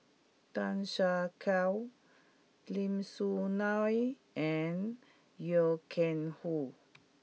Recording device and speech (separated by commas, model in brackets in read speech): mobile phone (iPhone 6), read sentence